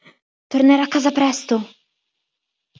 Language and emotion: Italian, fearful